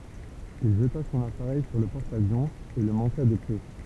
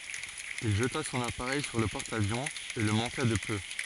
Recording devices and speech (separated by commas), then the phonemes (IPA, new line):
temple vibration pickup, forehead accelerometer, read sentence
il ʒəta sɔ̃n apaʁɛj syʁ lə pɔʁt avjɔ̃ e lə mɑ̃ka də pø